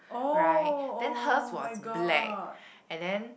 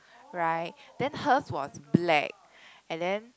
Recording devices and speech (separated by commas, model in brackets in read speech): boundary microphone, close-talking microphone, conversation in the same room